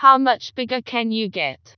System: TTS, vocoder